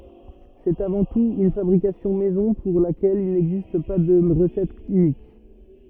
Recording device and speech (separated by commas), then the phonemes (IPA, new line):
rigid in-ear microphone, read sentence
sɛt avɑ̃ tut yn fabʁikasjɔ̃ mɛzɔ̃ puʁ lakɛl il nɛɡzist pa də ʁəsɛt ynik